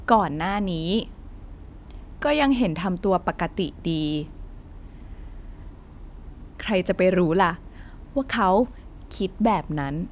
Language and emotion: Thai, neutral